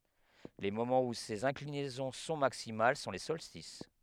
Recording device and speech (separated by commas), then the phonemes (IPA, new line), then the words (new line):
headset microphone, read sentence
le momɑ̃z u sez ɛ̃klinɛzɔ̃ sɔ̃ maksimal sɔ̃ le sɔlstis
Les moments où ces inclinaisons sont maximales sont les solstices.